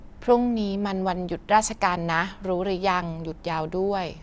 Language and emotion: Thai, neutral